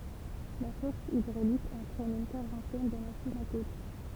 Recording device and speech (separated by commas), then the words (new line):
temple vibration pickup, read sentence
La force hydraulique entraîne une quarantaine de machines à coudre.